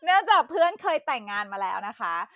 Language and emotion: Thai, happy